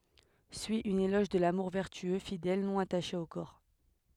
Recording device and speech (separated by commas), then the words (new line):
headset microphone, read sentence
Suit un éloge de l'amour vertueux, fidèle, non attaché au corps.